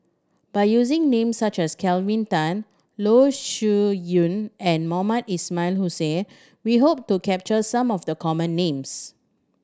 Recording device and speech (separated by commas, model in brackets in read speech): standing microphone (AKG C214), read sentence